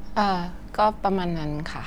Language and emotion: Thai, neutral